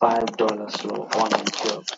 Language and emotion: English, sad